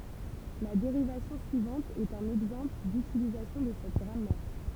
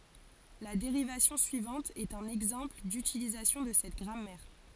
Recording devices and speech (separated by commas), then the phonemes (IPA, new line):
temple vibration pickup, forehead accelerometer, read sentence
la deʁivasjɔ̃ syivɑ̃t ɛt œ̃n ɛɡzɑ̃pl dytilizasjɔ̃ də sɛt ɡʁamɛʁ